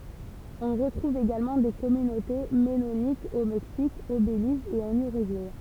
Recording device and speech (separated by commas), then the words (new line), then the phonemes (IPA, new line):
temple vibration pickup, read sentence
On retrouve également des communautés mennonites au Mexique, au Belize et en Uruguay.
ɔ̃ ʁətʁuv eɡalmɑ̃ de kɔmynote mɛnonitz o mɛksik o beliz e ɑ̃n yʁyɡuɛ